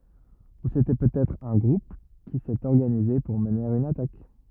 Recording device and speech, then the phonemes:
rigid in-ear microphone, read sentence
u setɛ pøtɛtʁ œ̃ ɡʁup ki sɛt ɔʁɡanize puʁ məne yn atak

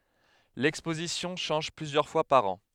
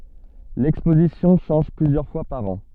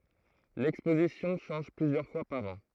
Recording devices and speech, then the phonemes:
headset microphone, soft in-ear microphone, throat microphone, read sentence
lɛkspozisjɔ̃ ʃɑ̃ʒ plyzjœʁ fwa paʁ ɑ̃

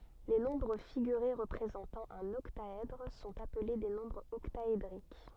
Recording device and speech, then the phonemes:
soft in-ear microphone, read sentence
le nɔ̃bʁ fiɡyʁe ʁəpʁezɑ̃tɑ̃ œ̃n ɔktaɛdʁ sɔ̃t aple de nɔ̃bʁz ɔktaedʁik

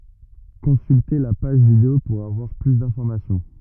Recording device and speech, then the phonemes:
rigid in-ear microphone, read sentence
kɔ̃sylte la paʒ video puʁ avwaʁ ply dɛ̃fɔʁmasjɔ̃

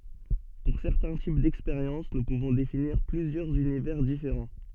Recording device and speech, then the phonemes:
soft in-ear microphone, read sentence
puʁ sɛʁtɛ̃ tip dɛkspeʁjɑ̃s nu puvɔ̃ definiʁ plyzjœʁz ynivɛʁ difeʁɑ̃

